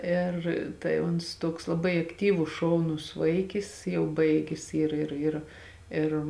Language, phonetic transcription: Lithuanian, ˈėr tai ˈuns ˈtuoks laˈbai akˈtyvus ˈšauˌnus ˈvaikis ˈjau ˈbaigis ˈyr ˈir ir ˈir

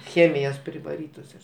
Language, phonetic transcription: Lithuanian, ˈchėmijos privaˈrytos jos

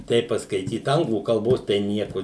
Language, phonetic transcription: Lithuanian, ˈteip paskaiˈtyt ˈanglų kalˈbos tai ˈnieku

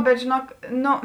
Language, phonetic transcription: Lithuanian, bet žėˈnuok ˈno

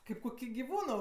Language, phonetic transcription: Lithuanian, ˈkaip kuˈkį giˈvūno

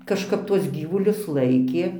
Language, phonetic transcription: Lithuanian, kažˈkap ˈtuos ˈgyvulius ˈlaikė

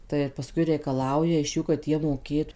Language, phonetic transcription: Lithuanian, tai ir paˈskui reikaˈlauja iš ˈjų kad ˈjie moˈkėtu

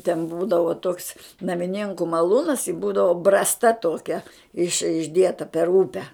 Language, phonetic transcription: Lithuanian, ten ˈbūdavo toks namiˈnėnku maˈlūnas i ˈbūdavo ˈbrasta ˈtokia iš išˈdieta per ˈupe

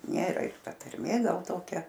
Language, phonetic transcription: Lithuanian, ˈnėra ir ˈta tarˈmė ˈgal ˈtokia

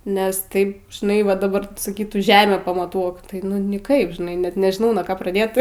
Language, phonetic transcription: Lithuanian, nes ˈtaip žiˈnai va daˈbar saˈkytų ˈžemę pamaˈtuok tai nu niˈkaip žiˈnai net nežiˈnau nuo ˈko praˈdėt

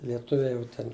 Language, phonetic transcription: Lithuanian, lieˈtuviai ˈjau ten

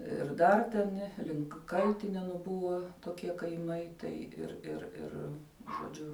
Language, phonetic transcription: Lithuanian, ir ˈdar ten ˈlink kal'tinenu ˈbuva toˈkie kaiˈmai ˈtai ir ir ˈir žoˈdžiu

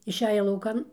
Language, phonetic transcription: Lithuanian, išˈeja lauˈkan

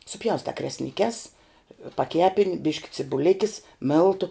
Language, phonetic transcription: Lithuanian, suˈpjaustā kresniˈkes paˈkepin' ˈbiški cibuˈlikis ˈmėltu

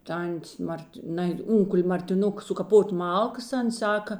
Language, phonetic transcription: Lithuanian, ˈtantės ˈmart' ˈnai ˈunkul' martiˈnuk sukaˈpot' ˈmalkas ˈans ˈsaka

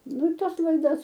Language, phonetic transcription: Lithuanian, ˈnu i ˈtas laiˈdas

